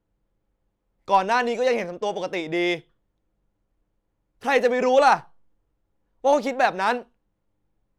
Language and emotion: Thai, angry